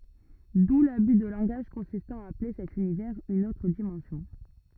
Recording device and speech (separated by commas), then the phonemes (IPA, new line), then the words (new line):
rigid in-ear microphone, read sentence
du laby də lɑ̃ɡaʒ kɔ̃sistɑ̃ a aple sɛt ynivɛʁz yn otʁ dimɑ̃sjɔ̃
D'où l'abus de langage consistant à appeler cet univers une autre dimension.